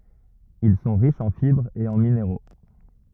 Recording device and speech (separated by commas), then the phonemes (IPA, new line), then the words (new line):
rigid in-ear microphone, read sentence
il sɔ̃ ʁiʃz ɑ̃ fibʁz e ɑ̃ mineʁo
Ils sont riches en fibres et en minéraux.